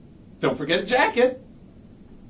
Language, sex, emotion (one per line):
English
male
happy